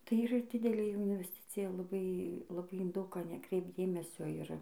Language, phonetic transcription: Lithuanian, tai yˈra ˈdidelė invesˈticija laˈbai laˈbai in ˈdaug ˈką neˈkreipt ˈdėmesio ˈir

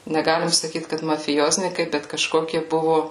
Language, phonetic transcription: Lithuanian, neˈgalim saˈkyt kad mafiˈjoznykai bet kaˈžkokie ˈbuvu

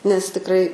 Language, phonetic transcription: Lithuanian, nes tikˈrai

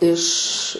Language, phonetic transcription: Lithuanian, iš

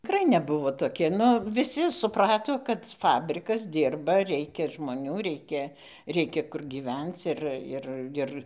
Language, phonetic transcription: Lithuanian, tiˈkrai neˈbuvo ˈtoki ˈnu viˈsi suˈprato kad ˈfabrikas ˈdyrba ˈreikia žmoˈnių ˈreikia ˈreikia kur gyˈvenc ˈir ˈir ˈir

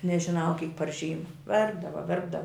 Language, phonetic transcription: Lithuanian, nežiˈnau kyk par ˈžyma ˈverpdava ˈverpdava

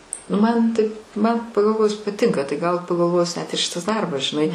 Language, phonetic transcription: Lithuanian, nu ˈman taip man pagalˈvojus paˈtinka tai gal pagalˈvojus net ir ˈšitas ˈdarbas žiˈnai

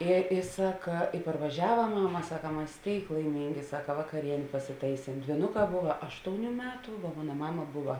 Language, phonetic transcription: Lithuanian, i i ˈsaka i parvaˈžiava ˈmano ˈmama ˈsaka ˈmas ˈtėik laiˈmingi ˈsaka vakaˈrienė pasiˈtaisėm dvyˈnuˌkā ˈbuva ˈaštouˌnių ˈmetu vo ˈmona ˈmama ˈbuva

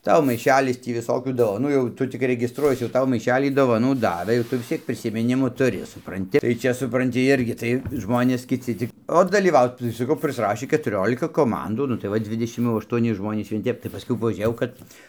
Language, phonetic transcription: Lithuanian, ˈtau maiˈšelis ˈtį viˈsokių dovaˈnų jau ˈtu tik regisˈtruojies jau ˈtau maiˈšelį dovaˈnų ˈdavɘ jau ˈtu vis ˈciek prisimiˈnimu tuˈri supranˈti tai ˈčia supranˈti ˈirgi tai ˈžmonės kiˈci cik o dalyˈvaut tai saˈkau prisˈrašį ketuˈriolika koˈmandų ˈnu tai ˈva ˈdvidešim jau aštuoˈni ˈžmonys vien ˈtep tai paˈskui pažiūˈrėjau ˈkad

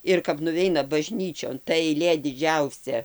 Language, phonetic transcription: Lithuanian, ir kap nuˈveina baˈžnyčion ta eiˈlė diˈdžiausia

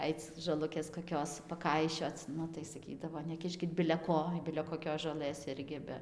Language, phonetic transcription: Lithuanian, ˈaic žoˈlukės koˈkios paˈkaišioc ˈnu tai saˈkydavo neˈkiškit bile ˈko bile koˈkios žoˈlɘs ˈirgi ˈbe

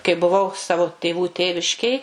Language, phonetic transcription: Lithuanian, kai buˈvau ˈsavo tėˈvų ˈtėviškėj

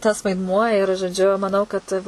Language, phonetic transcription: Lithuanian, tas vaidˈmuo ir žoˈdžiu maˈnau kad

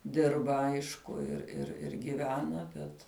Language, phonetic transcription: Lithuanian, ˈdirba ˈaišku ir ir ir giˈvena ˈbet

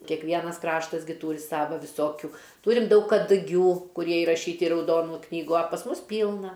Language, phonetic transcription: Lithuanian, kekˈvienas ˈkraštas gi ˈtūri ˈsava viˈsokiu ˈtūrim ˈdaug kaduˈgių kuˈrie iraˈšyti i rauˈdonų ˈknygų a pas ˈmus ˈpylna

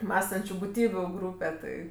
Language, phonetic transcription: Lithuanian, ˈmąstančiu buˈtybiu ˈgrūpe ˈti

